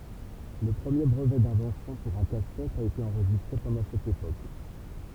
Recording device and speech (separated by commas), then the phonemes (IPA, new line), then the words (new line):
temple vibration pickup, read sentence
lə pʁəmje bʁəvɛ dɛ̃vɑ̃sjɔ̃ puʁ œ̃ kastɛt a ete ɑ̃ʁʒistʁe pɑ̃dɑ̃ sɛt epok
Le premier brevet d'invention pour un casse-tête a été enregistré pendant cette époque.